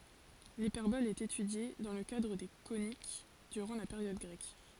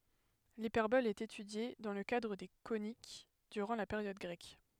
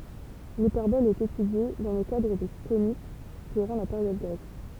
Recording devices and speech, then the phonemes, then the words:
forehead accelerometer, headset microphone, temple vibration pickup, read sentence
lipɛʁbɔl ɛt etydje dɑ̃ lə kadʁ de konik dyʁɑ̃ la peʁjɔd ɡʁɛk
L'hyperbole est étudiée, dans le cadre des coniques, durant la période grecque.

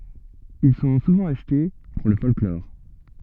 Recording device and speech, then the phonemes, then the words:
soft in-ear microphone, read sentence
il sɔ̃ suvɑ̃ aʃte puʁ lə fɔlklɔʁ
Ils sont souvent achetés pour le folklore.

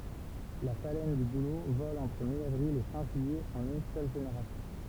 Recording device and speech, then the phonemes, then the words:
temple vibration pickup, read sentence
la falɛn dy bulo vɔl ɑ̃tʁ mjavʁil e fɛ̃ ʒyijɛ ɑ̃n yn sœl ʒeneʁasjɔ̃
La phalène du bouleau vole entre mi-avril et fin juillet en une seule génération.

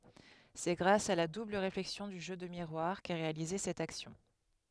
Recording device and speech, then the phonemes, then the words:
headset microphone, read sentence
sɛ ɡʁas a la dubl ʁeflɛksjɔ̃ dy ʒø də miʁwaʁ kɛ ʁealize sɛt aksjɔ̃
C'est grâce à la double réflexion du jeu de miroir qu'est réalisée cette action.

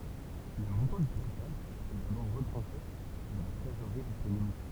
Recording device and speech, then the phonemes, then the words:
temple vibration pickup, read sentence
lə mɔ̃tɑ̃ dy kapital ɛ dabɔʁ ʁətʁɑ̃ʃe də la tʁezoʁʁi disponibl
Le montant du capital est d'abord retranché de la trésorerie disponible.

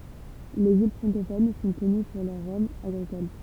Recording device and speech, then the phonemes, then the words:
temple vibration pickup, read sentence
lez il fʁɑ̃kofon sɔ̃ kɔny puʁ lœʁ ʁɔmz aɡʁikol
Les îles francophones sont connues pour leurs rhums agricoles.

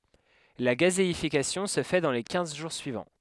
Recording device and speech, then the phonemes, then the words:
headset microphone, read sentence
la ɡazeifikasjɔ̃ sə fɛ dɑ̃ le kɛ̃z ʒuʁ syivɑ̃
La gazéification se fait dans les quinze jours suivants.

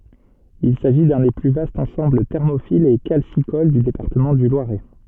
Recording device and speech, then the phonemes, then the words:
soft in-ear microphone, read sentence
il saʒi dœ̃ de ply vastz ɑ̃sɑ̃bl tɛʁmofilz e kalsikol dy depaʁtəmɑ̃ dy lwaʁɛ
Il s'agit d'un des plus vastes ensembles thermophiles et calcicoles du département du Loiret.

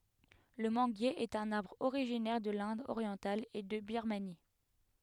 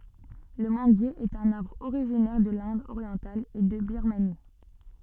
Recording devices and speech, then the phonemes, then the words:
headset microphone, soft in-ear microphone, read sentence
lə mɑ̃ɡje ɛt œ̃n aʁbʁ oʁiʒinɛʁ də lɛ̃d oʁjɑ̃tal e də biʁmani
Le manguier est un arbre originaire de l'Inde orientale et de Birmanie.

